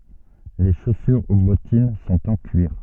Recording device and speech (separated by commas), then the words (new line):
soft in-ear microphone, read sentence
Les chaussures ou bottines sont en cuir.